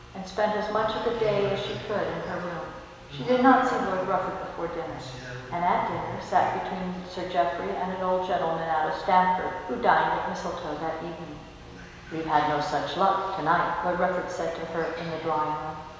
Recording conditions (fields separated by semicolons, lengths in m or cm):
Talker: one person; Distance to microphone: 1.7 m; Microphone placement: close; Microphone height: 1.0 m; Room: very reverberant, large; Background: television